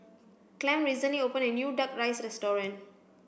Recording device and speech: boundary microphone (BM630), read sentence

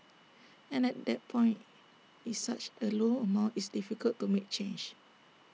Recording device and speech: mobile phone (iPhone 6), read sentence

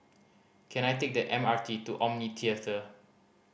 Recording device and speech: boundary microphone (BM630), read sentence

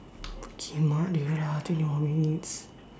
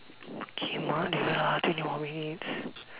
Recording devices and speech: standing microphone, telephone, conversation in separate rooms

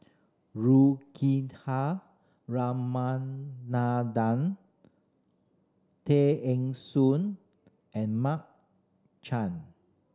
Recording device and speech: standing microphone (AKG C214), read sentence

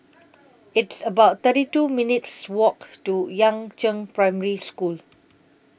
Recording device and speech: boundary microphone (BM630), read sentence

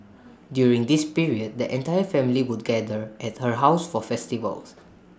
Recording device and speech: standing microphone (AKG C214), read sentence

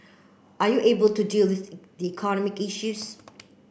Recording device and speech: boundary microphone (BM630), read sentence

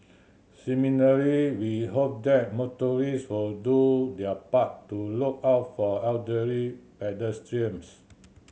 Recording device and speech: mobile phone (Samsung C7100), read sentence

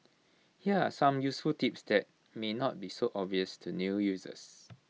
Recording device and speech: mobile phone (iPhone 6), read sentence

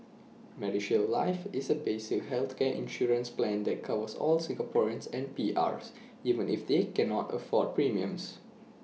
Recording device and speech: mobile phone (iPhone 6), read sentence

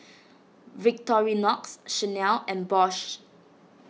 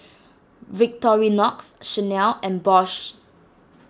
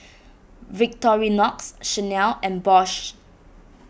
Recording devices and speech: mobile phone (iPhone 6), standing microphone (AKG C214), boundary microphone (BM630), read sentence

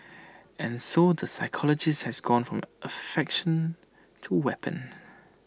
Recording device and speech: standing microphone (AKG C214), read sentence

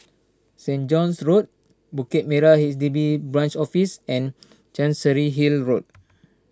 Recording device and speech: standing microphone (AKG C214), read sentence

